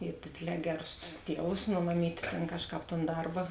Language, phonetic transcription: Lithuanian, i ˈdėdėˌlē ˈgeˌrus ˈtievus no maˈmyt' ten ˈkažˌkāp ton ˈdarba

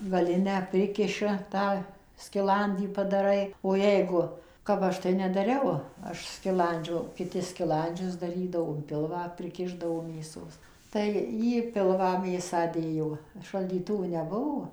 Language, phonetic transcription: Lithuanian, gaˈlinę ˈprikiša ˈtą skiˈlandį padaˈrai o ˈjeigu kap ˈaš tai nedaˈriau ˈaš skiˈlandžio kiˈti skiˈlandžius daˈrydavo in ˈpilvą priˈkišdavo mėˈsos ˌtai į ˈpilvą ˈmėsą ˈdėjo šaldyˈtuvų neˈbuvo

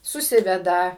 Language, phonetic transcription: Lithuanian, suˈsiveda

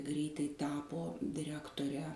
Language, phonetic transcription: Lithuanian, ˈgreitai ˈtapo diˈrektore

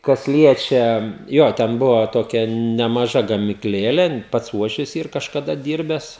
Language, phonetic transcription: Lithuanian, kas ˈliečia ˈjo ˈten ˈbuvo ˈtokia nemaˈža gamikˈlėlė ˈpats ˈuošvis ˈyr kažkaˈda ˈdyrbes

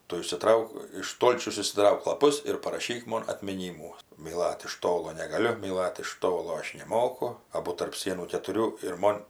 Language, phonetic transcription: Lithuanian, ˈtu išsiˈtrauk iš ˈstolčiaus išsiˈtrauk laˈpus ir paraˈšyk ˈmon atmiˈnymų myˈlat iš ˈtolo negaˈliu myˈlat iš ˈtolo ˈaš neˈmoku ˈabu tarp ˈsienų ketuˈrių ir ˈmon

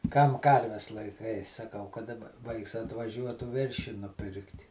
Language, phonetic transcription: Lithuanian, kam ˈkarves laiˈkai saˈkau ka daˈba ˈvaiks atvaˈžiuotų ˈveršį nuˈpirkt'

